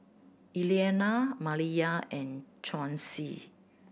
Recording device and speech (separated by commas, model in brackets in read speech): boundary microphone (BM630), read sentence